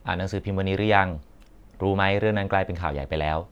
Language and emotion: Thai, neutral